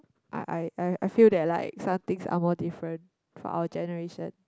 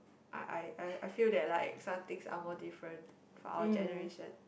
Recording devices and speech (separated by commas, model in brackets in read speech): close-talking microphone, boundary microphone, conversation in the same room